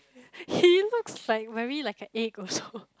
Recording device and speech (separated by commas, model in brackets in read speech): close-talking microphone, conversation in the same room